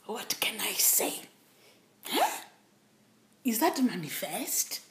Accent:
Kenyan accent